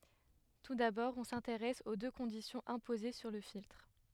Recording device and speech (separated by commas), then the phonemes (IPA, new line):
headset microphone, read sentence
tu dabɔʁ ɔ̃ sɛ̃teʁɛs o dø kɔ̃disjɔ̃z ɛ̃poze syʁ lə filtʁ